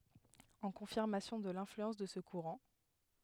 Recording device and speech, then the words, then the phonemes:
headset microphone, read sentence
En confirmation de l'influence de ce courant,
ɑ̃ kɔ̃fiʁmasjɔ̃ də lɛ̃flyɑ̃s də sə kuʁɑ̃

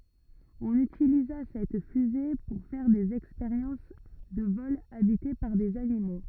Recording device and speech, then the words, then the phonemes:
rigid in-ear microphone, read sentence
On utilisa cette fusée pour faire des expériences de vols habités par des animaux.
ɔ̃n ytiliza sɛt fyze puʁ fɛʁ dez ɛkspeʁjɑ̃s də vɔlz abite paʁ dez animo

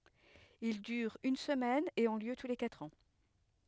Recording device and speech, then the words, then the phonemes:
headset microphone, read sentence
Ils durent une semaine et ont lieu tous les quatre ans.
il dyʁt yn səmɛn e ɔ̃ ljø tu le katʁ ɑ̃

